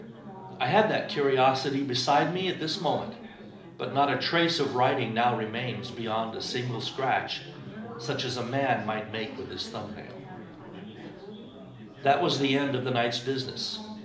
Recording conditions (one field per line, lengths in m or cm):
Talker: one person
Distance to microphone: 2.0 m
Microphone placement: close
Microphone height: 99 cm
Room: medium-sized (5.7 m by 4.0 m)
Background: babble